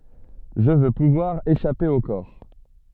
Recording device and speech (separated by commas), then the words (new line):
soft in-ear microphone, read sentence
Je veux pouvoir échapper au corps.